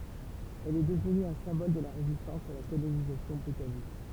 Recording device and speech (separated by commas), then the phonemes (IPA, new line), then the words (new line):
temple vibration pickup, read sentence
ɛl ɛ dəvny œ̃ sɛ̃bɔl də la ʁezistɑ̃s a la kolonizasjɔ̃ bʁitanik
Elle est devenue un symbole de la résistance à la colonisation britannique.